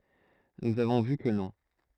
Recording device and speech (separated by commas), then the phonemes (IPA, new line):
throat microphone, read sentence
nuz avɔ̃ vy kə nɔ̃